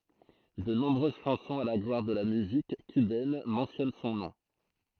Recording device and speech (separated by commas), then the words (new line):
throat microphone, read sentence
De nombreuses chansons à la gloire de la musique cubaine mentionnent son nom.